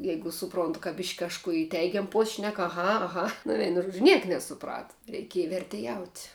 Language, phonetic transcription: Lithuanian, ˈjeigu suˈprontu ka bišk' kažˈkų i ˈteigiam pos' šnek aˈha aˈha nu ˈveinu ˈžuodžiu ˈniek nesuˈprata reiˈkieja verteˈjaut'

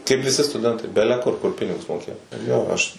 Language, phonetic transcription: Lithuanian, kaip viˈsi stuˈdentai ˈbeleˈkur ˈkur ˈpinigus moˈkėjo ˈjo ˈaš

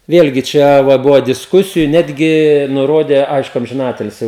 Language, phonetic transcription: Lithuanian, ˈvėlgi ˈčia va ˈbuvo disˈkusiju ˈnetgi nuˈrodė ˈaišku amžiˈnatilsi

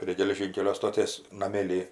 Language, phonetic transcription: Lithuanian, prie geleˈžynkelio stoˈtės naˈmėly

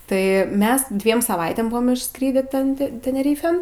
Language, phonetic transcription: Lithuanian, ˈtai ˈmes ˈdviem saˈvaitėm ˈbuvom išˈskrydį ˈten te teneˈryfėn

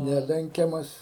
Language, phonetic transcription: Lithuanian, ˈnelenkiamas

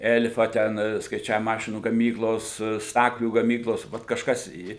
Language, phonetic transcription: Lithuanian, ˈel'fa ˈten skaiˈčiavimo ˈmašinų gaˈmyklos ˈstaklių gaˈmyklos ˈvat kažˈkas į

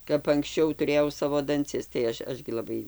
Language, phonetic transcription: Lithuanian, kap anksˈčiau tuˈrėjau ˈsavo danˈcis tai ˈaš ˈaš gi laˈbai

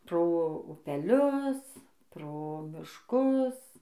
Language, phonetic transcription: Lithuanian, ˈpro upeˈlius ˈpro mišˈkus

